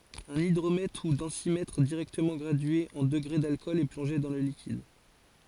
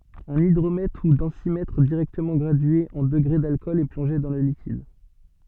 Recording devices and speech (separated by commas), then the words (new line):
forehead accelerometer, soft in-ear microphone, read sentence
Un hydromètre ou densimètre directement gradué en degrés d’alcool est plongé dans le liquide.